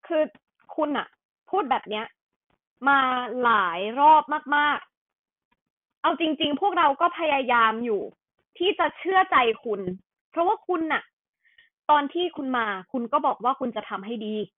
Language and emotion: Thai, frustrated